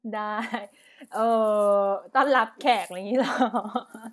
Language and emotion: Thai, happy